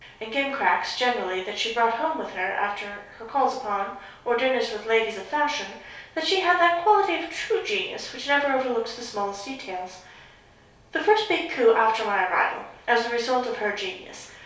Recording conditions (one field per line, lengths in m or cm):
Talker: one person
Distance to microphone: 3.0 m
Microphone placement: far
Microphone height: 1.8 m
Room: small (3.7 m by 2.7 m)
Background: none